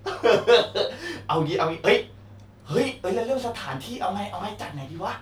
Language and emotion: Thai, happy